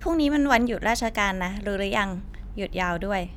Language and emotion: Thai, neutral